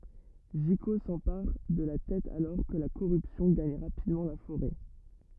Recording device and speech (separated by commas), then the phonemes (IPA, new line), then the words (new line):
rigid in-ear microphone, read sentence
ʒiko sɑ̃paʁ də la tɛt alɔʁ kə la koʁypsjɔ̃ ɡaɲ ʁapidmɑ̃ la foʁɛ
Jiko s'empare de la tête alors que la corruption gagne rapidement la forêt.